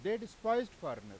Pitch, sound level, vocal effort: 220 Hz, 98 dB SPL, very loud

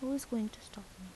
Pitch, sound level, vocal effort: 220 Hz, 75 dB SPL, soft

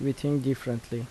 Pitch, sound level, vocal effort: 135 Hz, 76 dB SPL, soft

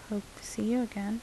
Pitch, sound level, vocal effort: 220 Hz, 76 dB SPL, soft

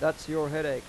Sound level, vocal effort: 92 dB SPL, normal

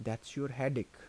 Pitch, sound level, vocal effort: 130 Hz, 79 dB SPL, soft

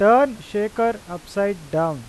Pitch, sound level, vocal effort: 200 Hz, 94 dB SPL, loud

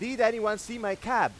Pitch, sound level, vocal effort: 220 Hz, 102 dB SPL, very loud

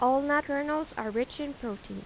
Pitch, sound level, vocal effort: 270 Hz, 85 dB SPL, normal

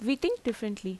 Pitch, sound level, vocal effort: 235 Hz, 83 dB SPL, normal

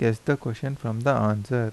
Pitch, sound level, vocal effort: 115 Hz, 80 dB SPL, soft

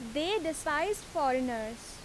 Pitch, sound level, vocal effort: 295 Hz, 87 dB SPL, very loud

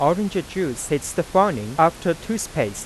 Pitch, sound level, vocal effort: 170 Hz, 90 dB SPL, soft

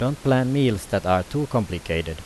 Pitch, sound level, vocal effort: 115 Hz, 85 dB SPL, normal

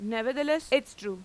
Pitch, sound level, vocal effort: 255 Hz, 94 dB SPL, very loud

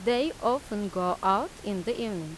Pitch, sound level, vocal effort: 205 Hz, 88 dB SPL, normal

